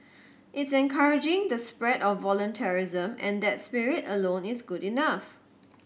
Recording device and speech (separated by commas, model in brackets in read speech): boundary microphone (BM630), read sentence